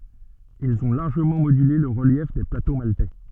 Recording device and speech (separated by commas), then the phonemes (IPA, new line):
soft in-ear microphone, read sentence
ilz ɔ̃ laʁʒəmɑ̃ modyle lə ʁəljɛf de plato maltɛ